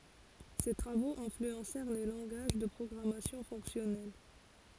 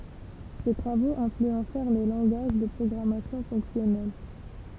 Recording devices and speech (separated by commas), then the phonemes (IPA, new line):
forehead accelerometer, temple vibration pickup, read sentence
se tʁavoz ɛ̃flyɑ̃sɛʁ le lɑ̃ɡaʒ də pʁɔɡʁamasjɔ̃ fɔ̃ksjɔnɛl